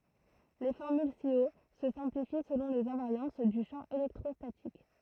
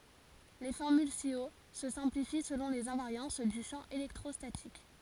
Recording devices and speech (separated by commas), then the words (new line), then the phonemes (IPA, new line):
throat microphone, forehead accelerometer, read sentence
Les formules ci-haut se simplifient selon les invariances du champ électrostatique.
le fɔʁmyl si o sə sɛ̃plifi səlɔ̃ lez ɛ̃vaʁjɑ̃s dy ʃɑ̃ elɛktʁɔstatik